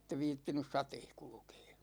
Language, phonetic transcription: Finnish, (ettev) 'viittinys "sateeh 'kulᵘkEE .
- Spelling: että en viitsinyt sateessa kulkea

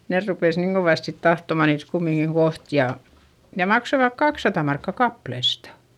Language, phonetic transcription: Finnish, ne rupes niiŋ Govàst sit tahtoma niit kummiŋkiŋ koht ja , ja maksovak kakssata markka kaplestA .
- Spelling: ne rupesi niin kovasti sitten tahtomaan niitä kumminkin kohta ja ja maksoivat kaksisataa markkaa kappaleesta

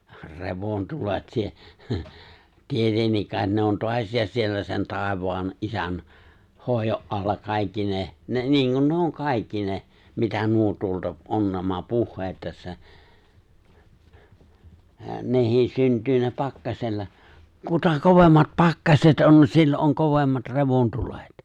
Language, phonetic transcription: Finnish, 're̬von'tulet si- , hə , 'tietennik kàet ne on 'toasiisas siellä sen 'tàevaan , 'isän , 'hòijo’ ’alla kàikki ne , ne 'niiŋkun nuo 'on 'kàikki ne , 'mitä nuo 'tuolta '’on nämä 'puhheet tässä , 'neh̀iis 'synt̀yy ne 'pakkasella , "kuta "kovemmat "pakkaset on 'sillo’ ’oŋ 'kovemmat "revon'tulet .
- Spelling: revontulet - - tietenkin kai ne on taasiinsa siellä sen taivaan isän hoidon alla kaikki ne ne niin kuin nuo on kaikki ne mitä nuo tuolta on nämä puheet tässä nekin syntyy ne pakkasella kuta kovemmat pakkaset on silloin on kovemmat revontulet

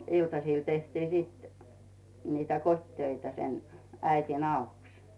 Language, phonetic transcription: Finnish, 'iltasìl tehti sit , nitä "kot́töitä sen , 'äitin ‿"auks .
- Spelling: iltasilla tehtiin sitten niitä kotitöitä sen äidin avuksi

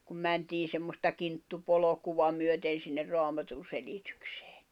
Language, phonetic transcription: Finnish, kum 'mäntiin̬ semmosta 'kinttu'polokuva myöten̬ sinner 'roamatun̬selitʏksᴇᴇ .
- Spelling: kun mentiin semmoista kinttupolkua myöten sinne raamatunselitykseen

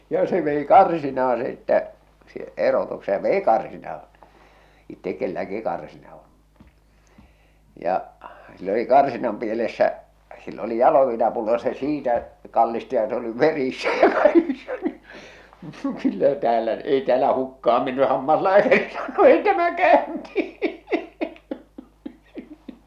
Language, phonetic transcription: Finnish, ja se vei "karsinaaa̰ sittä , si- 'erotukse ja 'vei 'karsinaaa̰ , 'ittek kelläki 'karsina on̬ , ja , sill ‿oli 'karsinam pielessä , sill ‿oli "jaloviinapullo ja se 'siitä , 'kallisti ja se oli "verissä ja kaikissa ni , kyllä 'täälä , 'ei tᵉäälä 'hukka₍am menny 'hammaslääkärilä tämä 'kä̀y̬nti !
- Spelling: ja se vei karsinaan sitten - erotuksen ja vei karsinaan itse kenelläkin karsina on ja sillä oli karsinan pielessä sillä oli jaloviinapullo ja se siitä kallisti ja se oli verissä ja kaikissa niin kyllä täällä ei täällä hukkaan mennyt hammaslääkärillä tämä käynti

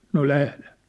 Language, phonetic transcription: Finnish, » no 'lählen̬ . «
- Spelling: no lähden

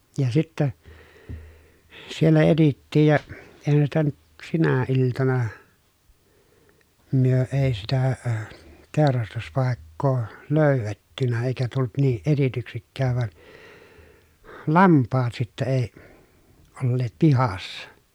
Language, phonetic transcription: Finnish, ja sittä , siellä etittiij ja , èi̮hän sitä nyt , sinä iltana , myö èi sitä əə , tèorastuspàekkoo lö̀y̬vettynä èi̮kä tult niiʼ ʼetityksikkääv van , lamppaat sittä èi , olleet pihassa .
- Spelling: ja sitten siellä etsittiin ja eihän sitä nyt sinä iltana me ei sitä - teurastuspaikkaa löydetty eikä tullut niin etsityksikään vaan lampaat sitten ei olleet pihassa

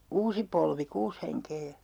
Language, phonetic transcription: Finnish, 'siä oli 'se , "uusi polvi , 'kuus heŋkee ja , .
- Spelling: siellä oli se uusi polvi kuusi henkeä ja

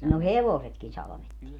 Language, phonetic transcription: Finnish, no "hevosetkin 'salᵃvettii .
- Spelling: no hevosetkin salvettiin

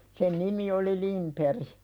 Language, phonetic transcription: Finnish, sen "nimi oli 'Limperi .
- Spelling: sen nimi oli Lindberg

